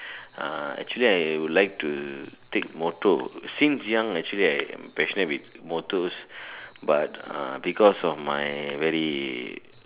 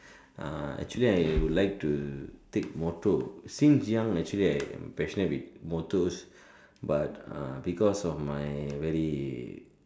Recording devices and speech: telephone, standing microphone, conversation in separate rooms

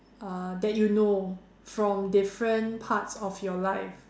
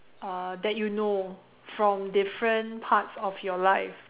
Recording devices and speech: standing microphone, telephone, conversation in separate rooms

